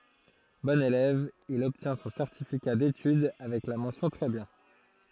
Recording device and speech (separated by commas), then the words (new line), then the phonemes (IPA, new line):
throat microphone, read sentence
Bon élève, il obtient son certificat d'études avec la mention très bien.
bɔ̃n elɛv il ɔbtjɛ̃ sɔ̃ sɛʁtifika detyd avɛk la mɑ̃sjɔ̃ tʁɛ bjɛ̃